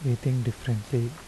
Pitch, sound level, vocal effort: 125 Hz, 75 dB SPL, soft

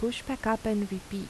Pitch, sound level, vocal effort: 220 Hz, 80 dB SPL, soft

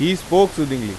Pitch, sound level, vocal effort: 160 Hz, 93 dB SPL, loud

